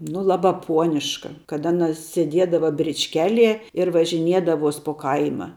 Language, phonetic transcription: Lithuanian, nu ˈlabā ˈpuoniška kad ˈaˌna sėˈdiedava bričˈkeˌlie ir važiˈniedavos po ˈkaima

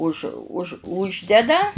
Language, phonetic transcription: Lithuanian, už už ˈuždeda

